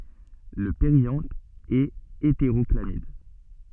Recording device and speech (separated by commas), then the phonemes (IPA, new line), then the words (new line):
soft in-ear microphone, read sentence
lə peʁjɑ̃t ɛt eteʁɔklamid
Le périanthe est hétérochlamyde.